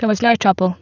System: VC, spectral filtering